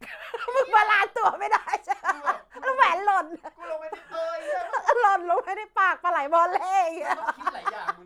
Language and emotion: Thai, happy